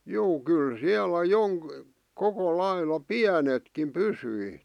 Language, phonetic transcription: Finnish, 'juu "kyl 'siälä 'joŋk- , 'koko 'laila "piänetkim "pysyi .
- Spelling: juu kyllä siellä - koko lailla pienetkin pysyi

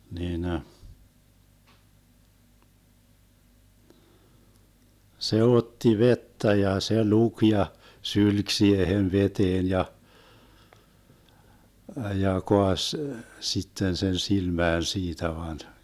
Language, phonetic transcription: Finnish, 'niinə , 'se "otti "vettä ja 'se "luk ja , 'sylk 'siihen "veteen 'ja , ja 'koaś , 'sitten 'sen 'silmään 'siitä van .
- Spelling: niin se otti vettä ja se luki ja sylki siihen veteen ja ja kaatoi sitten sen silmään siitä vain

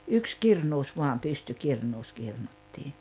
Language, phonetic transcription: Finnish, 'yks "kirnuus 'vuam 'pystykirnuus 'kirnuttii .
- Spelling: yksi kirnusi vain pystykirnussa kirnuttiin

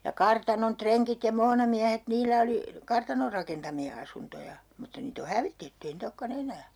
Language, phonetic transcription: Finnish, ja 'kartanon "treŋkit ja "moonamiähet 'niilä oli , 'kartanor rakentami₍a 'asuntoja , mutta 'niit ‿o "hävitetty ei nii't ‿okka'n ‿enää .
- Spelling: ja kartanon rengit ja muonamiehet niillä oli kartanon rakentamia asuntoja mutta niitä on hävitetty ei niitä olekaan enää

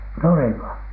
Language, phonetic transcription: Finnish, nuriŋko ?
- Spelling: nurinko

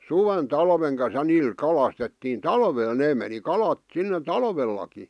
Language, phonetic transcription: Finnish, suven 'talveŋ kan̬s ja 'niil 'kalastettiin "talveel , 'nee meni "kalat , sinne "talvellaki .
- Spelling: suven talven kanssa ja niillä kalastettiin talvella ne meni kalat sinne talvellakin

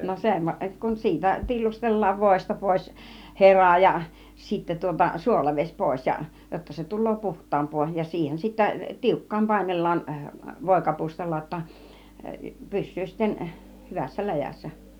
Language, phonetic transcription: Finnish, no 'sem , kun 'siitä , 'tillustel̆laav vòista 'pòis "hera ja , sittä tuota 'suolaveś 'pòis ja , jotta se tul̆loo "puht̆taamp̆poo ja 'siihen sittä , "tiukkaam 'pàinellaan , 'vòikapustalla ‿°tta , 'pys̆syy sitten , 'hyvässä 'läjäs̆sä .
- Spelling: no sen kun siitä tillustellaan voista pois hera ja sitten tuota suolavesi pois ja jotta se tulee puhtaampaa ja siihen sitten tiukkaan painellaan voikapustalla jotta pysyy sitten hyvässä läjässä

